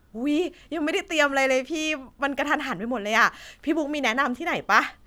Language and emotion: Thai, happy